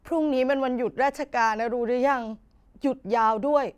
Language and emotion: Thai, sad